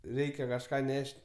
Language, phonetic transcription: Lithuanian, ˈreikia kažˈką ˈneš't'

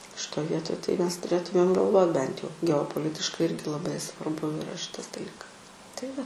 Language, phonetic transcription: Lithuanian, šiˈtoj ˈvietoj tai ˈmes tuˈrėtumėm galˈvot bent jau geopoˈlitiškai ˈirgi laˈbai svarˈbu iˈra ˈšitas daˈlykas tai ˈva

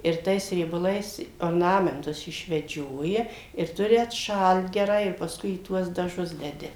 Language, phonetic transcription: Lithuanian, ir ˈtais riebaˈlais orˈnamentus išveˈdžioja ir ˈturi atˈšalt geˈrai ir pasˈkui į ˈtuos daˈžus deˈdi

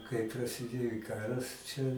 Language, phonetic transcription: Lithuanian, kaip prasiˈdėjo i ˈkaras čia

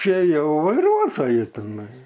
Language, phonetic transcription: Lithuanian, ˈčia ˈjau vaiˈruotoju tiˈnai

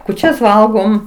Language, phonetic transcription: Lithuanian, kūˈčias ˈvalgom

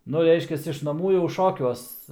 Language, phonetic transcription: Lithuanian, ˈnu ˈreiškias iš naˈmų jau ˈšokiuos

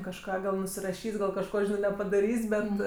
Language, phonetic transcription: Lithuanian, kažˈką gal nusiraˈšys' gal kažˈko nepadaˈrys' ˈbet

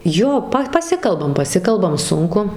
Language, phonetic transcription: Lithuanian, ˈjo ˈpa paˈsikalbam paˈsikalbam ˈsunku

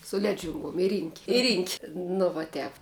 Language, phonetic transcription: Lithuanian, su ˈledžiunguom i ryn'k' i ryn'k' nu va ˈtep

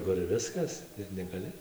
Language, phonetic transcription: Lithuanian, kur ˈviskas ir negaˈli

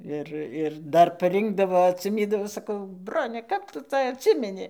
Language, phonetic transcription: Lithuanian, ˈir ir ˈdar paˈrinkdavo atsiˈmydavo saˈkau ˈbrone kap ˈtu ˈca atˈsimeni

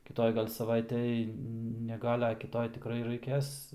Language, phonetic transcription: Lithuanian, kiˈtoj gal' saˈvaitej ne ˈgal' a kiˈtoj tiˈkrai raiˈkės

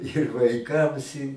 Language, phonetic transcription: Lithuanian, ir vaiˈkams i

